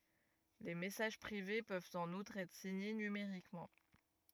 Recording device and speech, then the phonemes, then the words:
rigid in-ear microphone, read sentence
le mɛsaʒ pʁive pøvt ɑ̃n utʁ ɛtʁ siɲe nymeʁikmɑ̃
Les messages privés peuvent en outre être signés numériquement.

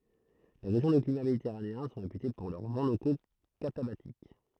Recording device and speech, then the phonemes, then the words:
throat microphone, read sentence
le ʁeʒjɔ̃ də klima meditɛʁaneɛ̃ sɔ̃ ʁepyte puʁ lœʁ vɑ̃ loko katabatik
Les régions de climat méditerranéen sont réputées pour leurs vents locaux catabatiques.

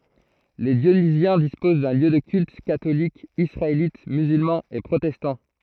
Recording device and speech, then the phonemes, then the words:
throat microphone, read sentence
le djonizjɛ̃ dispoz də ljø də kylt katolik isʁaelit myzylmɑ̃ e pʁotɛstɑ̃
Les Dionysiens disposent de lieux de culte catholique, israélite, musulman et protestant.

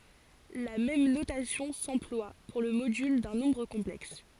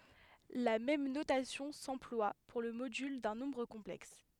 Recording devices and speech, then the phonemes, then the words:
forehead accelerometer, headset microphone, read sentence
la mɛm notasjɔ̃ sɑ̃plwa puʁ lə modyl dœ̃ nɔ̃bʁ kɔ̃plɛks
La même notation s'emploie pour le module d'un nombre complexe.

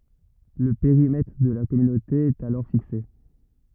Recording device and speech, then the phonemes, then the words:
rigid in-ear microphone, read sentence
lə peʁimɛtʁ də la kɔmynote ɛt alɔʁ fikse
Le périmètre de la Communauté est alors fixé.

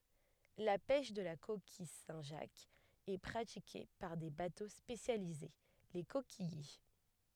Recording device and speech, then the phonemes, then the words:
headset microphone, read sentence
la pɛʃ də la kokij sɛ̃tʒakz ɛ pʁatike paʁ de bato spesjalize le kokijje
La pêche de la coquille Saint-Jacques est pratiquée par des bateaux spécialisés, les coquilliers.

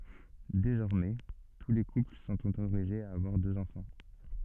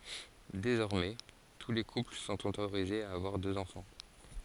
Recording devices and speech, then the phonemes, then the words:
soft in-ear microphone, forehead accelerometer, read sentence
dezɔʁmɛ tu le kupl sɔ̃t otoʁizez a avwaʁ døz ɑ̃fɑ̃
Désormais, tous les couples sont autorisés à avoir deux enfants.

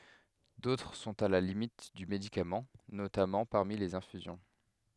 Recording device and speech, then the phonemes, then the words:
headset microphone, read sentence
dotʁ sɔ̃t a la limit dy medikamɑ̃ notamɑ̃ paʁmi lez ɛ̃fyzjɔ̃
D'autres sont à la limite du médicament, notamment parmi les infusions.

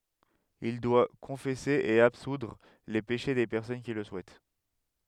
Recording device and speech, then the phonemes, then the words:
headset microphone, read sentence
il dwa kɔ̃fɛse e absudʁ le peʃe de pɛʁsɔn ki lə suɛt
Il doit confesser et absoudre les péchés des personnes qui le souhaitent.

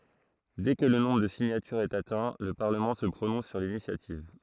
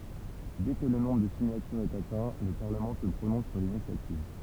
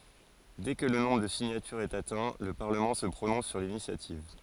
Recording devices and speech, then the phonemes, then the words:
throat microphone, temple vibration pickup, forehead accelerometer, read sentence
dɛ kə lə nɔ̃bʁ də siɲatyʁz ɛt atɛ̃ lə paʁləmɑ̃ sə pʁonɔ̃s syʁ linisjativ
Dès que le nombre de signatures est atteint, le Parlement se prononce sur l'initiative.

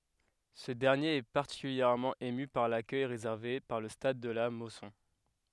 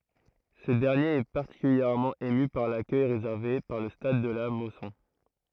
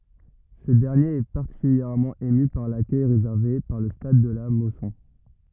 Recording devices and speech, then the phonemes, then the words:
headset microphone, throat microphone, rigid in-ear microphone, read sentence
sə dɛʁnjeʁ ɛ paʁtikyljɛʁmɑ̃ emy paʁ lakœj ʁezɛʁve paʁ lə stad də la mɔsɔ̃
Ce dernier est particulièrement ému par l'accueil réservé par le stade de la Mosson.

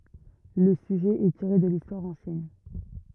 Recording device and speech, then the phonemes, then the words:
rigid in-ear microphone, read sentence
lə syʒɛ ɛ tiʁe də listwaʁ ɑ̃sjɛn
Le sujet est tiré de l'histoire ancienne.

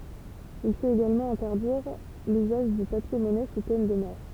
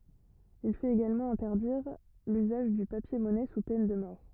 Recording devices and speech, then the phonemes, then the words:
temple vibration pickup, rigid in-ear microphone, read sentence
il fɛt eɡalmɑ̃ ɛ̃tɛʁdiʁ lyzaʒ dy papjɛʁmɔnɛ su pɛn də mɔʁ
Il fait également interdire l'usage du papier-monnaie sous peine de mort.

